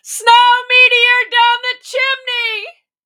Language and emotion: English, fearful